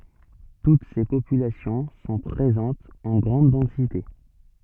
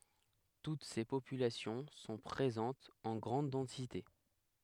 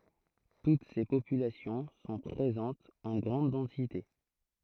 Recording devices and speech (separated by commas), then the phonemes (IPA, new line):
soft in-ear microphone, headset microphone, throat microphone, read sentence
tut se popylasjɔ̃ sɔ̃ pʁezɑ̃tz ɑ̃ ɡʁɑ̃d dɑ̃site